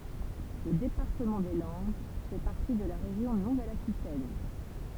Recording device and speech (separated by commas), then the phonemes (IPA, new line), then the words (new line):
temple vibration pickup, read sentence
lə depaʁtəmɑ̃ de lɑ̃d fɛ paʁti də la ʁeʒjɔ̃ nuvɛl akitɛn
Le département des Landes fait partie de la région Nouvelle-Aquitaine.